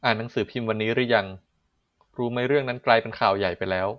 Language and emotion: Thai, neutral